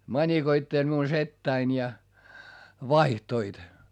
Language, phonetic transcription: Finnish, mańikoitteĺ miun settäin ja , vaihtoit .
- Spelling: manikoitteli minun setäni ja vaihtoivat

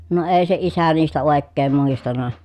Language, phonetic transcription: Finnish, no èi se isä niistä òekkeem muistana .
- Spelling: no ei se isä niistä oikein muistanut

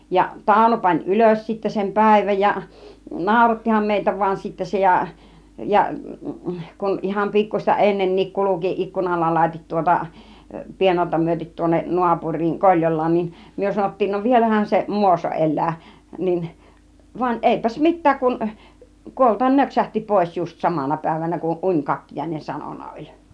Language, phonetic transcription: Finnish, ja 'Tàuno pań "ylös sittä sem "pä̀iväj ja , "nàurattiham 'meitä vuan sittä 'se ja , ja , kun iham 'pikkuśta "ennennik 'kuluki 'ikkunan ‿alatit tŭŏta , 'piennarta myötit tuonnen 'nuapuŕ̆riiŋ 'Koĺjol̆laan niin , 'myö 'sanottiin » no "vielähän seˀ "Muoso 'ˀel̆lää « , 'nin , van "ˀèipäs "mit̆tääk kun , 'kuoltan 'nöksähti 'pòis just 'samana pä̀ivänä kun 'uńkakkijàinen 'sanonn a oĺ .
- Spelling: ja Tauno pani ylös sitten sen päivän ja naurattihan meitä vain sitten se ja ja kun ihan pikkuista ennenkin kulki ikkunan alitse tuota piennarta myöti tuonne naapuriin Koljolaan niin me sanottiin no vielähän se Muoso elää niin vaan eipäs mitään kun kuolla nöksähti pois just samana päivänä kun unikakkiainen sanonut - oli

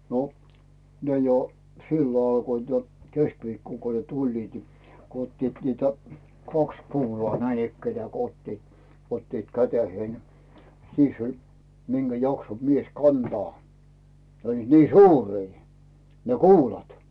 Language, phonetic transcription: Finnish, no , 'ne jo , "sillo alkoit jo , 'keskviikkoŋ ko ne "tuĺliit ni , ko ‿'ottiit niitä , 'kaks kuulᵒaa näinikkenᵉä̀ ko ‿'ottit , 'ottiit "käteheen , 'siiss ‿oĺ , 'minGä 'jakso 'mies "kantaa , ne ‿oĺliit 'nii "suurii , ne "kuulat .
- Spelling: no ne jo silloin alkoivat jo keskiviikkona kun ne tulivat niin kun ottivat niitä kaksi kuulaa näinikään kun ottivat ottivat käteen siis oli minkä jaksoi mies kantaa ne olivat niin suuria ne kuulat

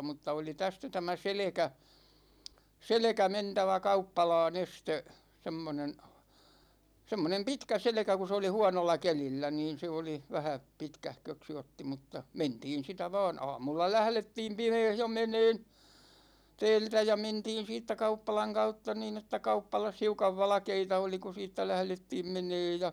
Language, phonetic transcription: Finnish, 'mutta oli "tästä 'tämä "selekä , "selekä 'mentävä 'kauppalaa'n ‿este , 'semmonen , 'semmonem "pitkä 'selᵉkä ku s ‿oli 'huanolla 'kelillä niin̬ 'se oli , 'vähä , 'pitkähköksi otti mutta , 'mentiin sitä vaan "aamulla "lählettiim "pimeeh jo "meneen 'tɛɛltä ja 'mentiin̬ 'siittä 'kauppalaŋ 'kautta niin ‿että 'kauppalas hiukav 'valᵃkeita oli ku 'siittä 'lählettiim 'meneej ja ,.
- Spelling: mutta oli tästä tämä selkä selkä mentävä kauppalaan ensisti semmoinen semmoinen pitkä selkä kun se oli huonolla kelillä niin se oli vähän pitkähköksi otti mutta mentiin sitä vain aamulla lähdettiin pimeässä jo menemään täältä ja mentiin siitä kauppalan kautta niin että kauppalassa hiukan valkeita oli kun siitä lähdettiin menemään ja

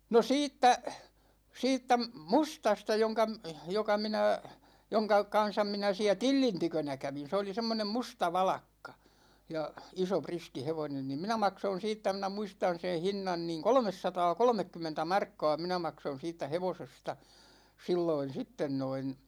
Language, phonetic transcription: Finnish, no 'siittä , 'siittä "mustasta joŋka , 'joka 'minä , 'joŋka "kan̬sam 'minä siä "Tillin 'tykönä kävin̬ 'se oli 'semmonem "musta 'valakka , 'ja , 'iso 'priski 'hevonen nim "minä 'makson̬ siittä minä 'muistan̬ sen̬ 'hinnan niiŋ "kolᵒmessataa'kolᵒmekkymmentä 'markka̭a̭ 'minä makson̬ 'siittä "hevosesta , 'silloin̬ 'sitten noin .
- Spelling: no siitä siitä mustasta jonka joka minä jonka kanssa minä siellä Tillin tykönä kävin se oli semmoinen musta valakka ja iso riski hevonen niin minä maksoin siitä minä muistan sen hinnan niin kolmesataakolmekymmentä markkaa minä maksoin siitä hevosesta silloin sitten noin

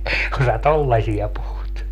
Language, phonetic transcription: Finnish, kun sä "tollaśia 'puhut » .
- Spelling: kun sinä tuollaisia puhut

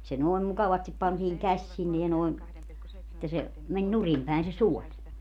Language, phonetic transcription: Finnish, se 'noi̮m mukavastip pantiiŋ 'käś sinne ja noeŋ , että se , 'meń "nurim päen se "suoĺ .
- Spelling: se noin mukavasti pantiin käsi sinne ja noin että se meni nurin päin se suoli

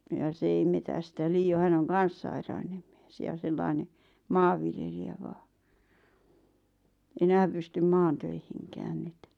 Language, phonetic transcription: Finnish, ja 'se ei metästä 'lii₍o 'hän ‿oŋ "kan̬s 'sairainem ᴍɪᴇs jà 'sellàⁱne , "maavviljelijä 'vaa , 'enääm pystym 'maan̬töihiŋkään ⁿʸᵗ .
- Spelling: ja se ei metsästä liioin hän on kanssa sairaalloinen mies ja sellainen maanviljelijä vain enää pystynyt maatöihinkään nyt

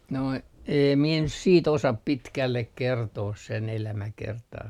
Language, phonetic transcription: Finnish, noi , 'eem mie nyt siit 'osap "pitkällek 'kertoos sen 'elämäkertaa .
- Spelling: nuo en minä nyt sitten osaa pitkälle kertoa sen elämäkertaa

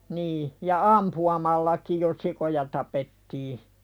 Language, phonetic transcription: Finnish, nii , ja "ampu₍amallakij jo 'sikoja tapetti .
- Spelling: niin ja ampumallakin jo sikoja tapettiin

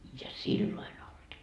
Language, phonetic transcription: Finnish, ja "silloin ‿olD .
- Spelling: ja silloin ollut

